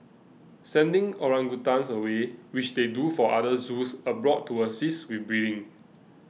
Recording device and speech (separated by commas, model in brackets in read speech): mobile phone (iPhone 6), read sentence